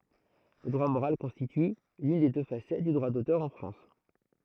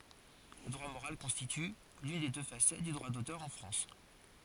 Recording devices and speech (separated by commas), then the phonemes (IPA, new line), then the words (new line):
throat microphone, forehead accelerometer, read sentence
lə dʁwa moʁal kɔ̃stity lyn de dø fasɛt dy dʁwa dotœʁ ɑ̃ fʁɑ̃s
Le droit moral constitue l'une des deux facettes du droit d'auteur en France.